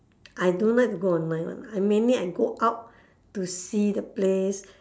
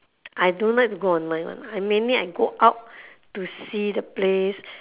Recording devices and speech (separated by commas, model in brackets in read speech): standing microphone, telephone, conversation in separate rooms